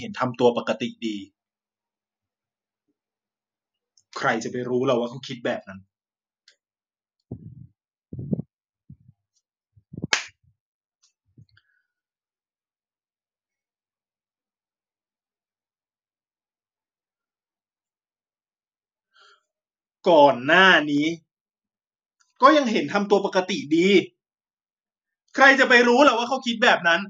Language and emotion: Thai, sad